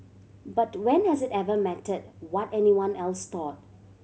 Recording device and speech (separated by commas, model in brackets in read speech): mobile phone (Samsung C7100), read sentence